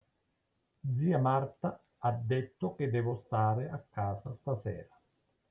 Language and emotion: Italian, angry